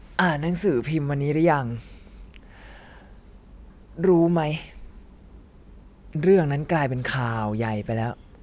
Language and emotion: Thai, frustrated